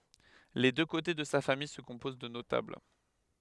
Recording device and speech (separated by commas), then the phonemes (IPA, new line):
headset microphone, read sentence
le dø kote də sa famij sə kɔ̃poz də notabl